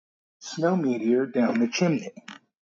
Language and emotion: English, fearful